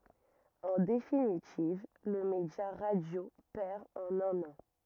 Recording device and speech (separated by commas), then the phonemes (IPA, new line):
rigid in-ear microphone, read sentence
ɑ̃ definitiv lə medja ʁadjo pɛʁ ɑ̃n œ̃n ɑ̃